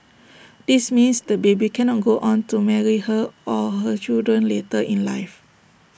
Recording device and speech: boundary microphone (BM630), read sentence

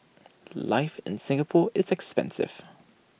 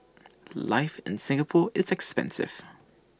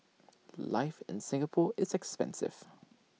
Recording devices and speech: boundary microphone (BM630), standing microphone (AKG C214), mobile phone (iPhone 6), read sentence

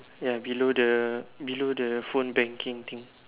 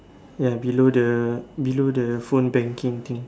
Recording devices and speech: telephone, standing microphone, conversation in separate rooms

